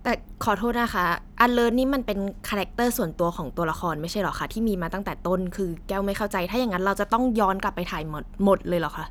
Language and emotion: Thai, frustrated